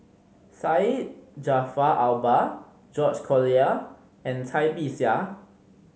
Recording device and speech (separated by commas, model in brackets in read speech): mobile phone (Samsung C5010), read sentence